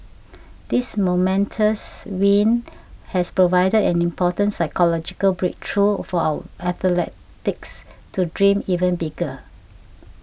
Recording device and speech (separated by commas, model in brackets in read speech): boundary microphone (BM630), read sentence